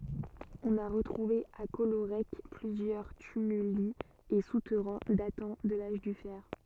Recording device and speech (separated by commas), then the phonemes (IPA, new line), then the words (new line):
soft in-ear microphone, read sentence
ɔ̃n a ʁətʁuve a kɔloʁɛk plyzjœʁ tymyli e sutɛʁɛ̃ datɑ̃ də laʒ dy fɛʁ
On a retrouvé à Collorec plusieurs tumuli et souterrains datant de l'âge du fer.